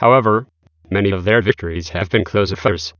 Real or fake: fake